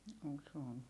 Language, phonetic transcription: Finnish, (--) se on .
- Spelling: - se on

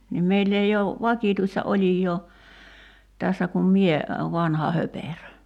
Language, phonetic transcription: Finnish, nim 'meill ‿ei ou , "vakìtuista 'oĺij̀oo , 'tässä kum "mie , 'vanha 'hoperö .
- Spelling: niin meillä ei ole vakituista olijaa tässä kuin minä vanha höperö

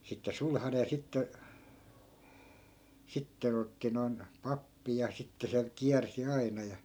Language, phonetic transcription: Finnish, 'sitte "sulhane ja sitte , 'sitte'n ‿otti noi̮n , "pappi ja 'sitte se , 'kiärsi 'aina ja .
- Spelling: sitten sulhanen ja sitten sitten otti noin pappi ja sitten se kiersi aina ja

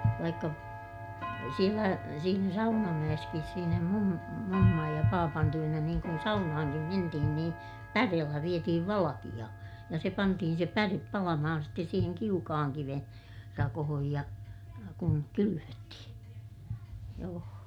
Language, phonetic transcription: Finnish, vaikka , sielä , siinä Saunamäʲeskis siinä mum- , mummaj ja paapan työnä niiŋ kun saunahaŋkim mentihin nii , päreellä vietihiv valakiʲa , ja se pantihin̬ se pärep palamahan ste siiheŋ kiukahaŋ kiven , rakohoj ja , kuŋ kylyvöttihiḭ , joo .
- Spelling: vaikka siellä siinä Saunamäessäkin siinä - mummon ja papan tykönä niin kun saunaankin mentiin niin päreellä vietiin valkea ja se pantiin se päre palamaan sitten siihen kiukaan kiven rakoon ja kun kylvettiin joo

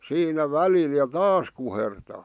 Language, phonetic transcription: Finnish, 'siinä "välil ja "taas kuhertaa .
- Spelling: siinä välillä ja taas kuhertaa

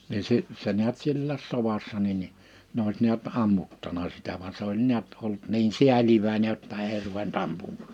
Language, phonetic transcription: Finnish, 'ni si- , 'se niät 'siᵉllääs 'sovassa nin ni , 'n ‿òis 'niät 'ammuttana 'sitä van 's ‿oĺ ni̬ät ollut 'niin "siäliväinej jotta 'èi ruven't ‿ampum(maa) .
- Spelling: niin - se näet sielläkin sodassa niin niin ne olisi näet ammuttanut sitä vaan se oli näet ollut niin sääliväinen jotta ei ruvennut ampumaan

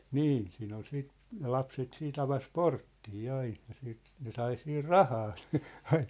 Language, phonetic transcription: Finnish, niin siin ‿ol 'siit , ne 'lapset 'siit ‿avas "porttii 'ain̬ ja siit , ne 'sai siir "rahaa sɪ , aiɴ .
- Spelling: niin siinä oli sitten ne lapset sitten avasi porttia aina ja sitten ne sai siinä rahaa sitten aina

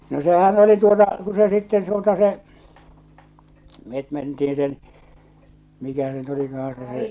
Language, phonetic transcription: Finnish, no 'sehän oli tuota , ku se sitten tuota se , 'met mentiiḭ sen , 'mikä se nyt olikahan se se --.
- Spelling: no sehän oli tuota kun se sitten tuota se me mentiin sen mikä se nyt olikaan se se

